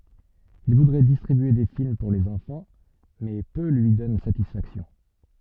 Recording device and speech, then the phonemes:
soft in-ear microphone, read sentence
il vudʁɛ distʁibye de film puʁ lez ɑ̃fɑ̃ mɛ pø lyi dɔn satisfaksjɔ̃

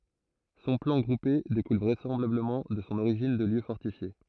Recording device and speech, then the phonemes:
throat microphone, read sentence
sɔ̃ plɑ̃ ɡʁupe dekul vʁɛsɑ̃blabləmɑ̃ də sɔ̃ oʁiʒin də ljø fɔʁtifje

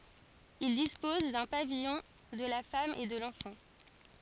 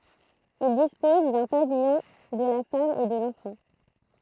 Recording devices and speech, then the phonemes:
forehead accelerometer, throat microphone, read sentence
il dispɔz dœ̃ pavijɔ̃ də la fam e də lɑ̃fɑ̃

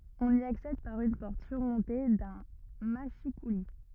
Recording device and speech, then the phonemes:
rigid in-ear microphone, read sentence
ɔ̃n i aksɛd paʁ yn pɔʁt syʁmɔ̃te dœ̃ maʃikuli

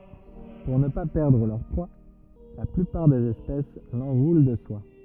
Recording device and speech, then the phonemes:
rigid in-ear microphone, read sentence
puʁ nə pa pɛʁdʁ lœʁ pʁwa la plypaʁ dez ɛspɛs lɑ̃ʁulɑ̃ də swa

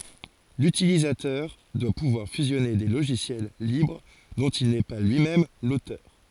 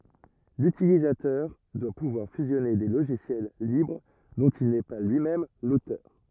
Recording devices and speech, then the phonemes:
forehead accelerometer, rigid in-ear microphone, read sentence
lytilizatœʁ dwa puvwaʁ fyzjɔne de loʒisjɛl libʁ dɔ̃t il nɛ pa lyi mɛm lotœʁ

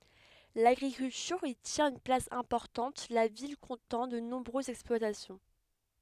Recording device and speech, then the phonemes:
headset microphone, read sentence
laɡʁikyltyʁ i tjɛ̃t yn plas ɛ̃pɔʁtɑ̃t la vil kɔ̃tɑ̃ də nɔ̃bʁøzz ɛksplwatasjɔ̃

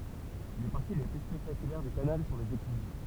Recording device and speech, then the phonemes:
temple vibration pickup, read sentence
le paʁti le ply spɛktakylɛʁ dy kanal sɔ̃ lez eklyz

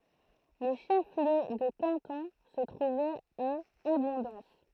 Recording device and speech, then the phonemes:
throat microphone, read sentence
lə ʃəfliø də kɑ̃tɔ̃ sə tʁuvɛt a abɔ̃dɑ̃s

